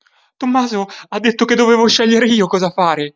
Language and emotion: Italian, fearful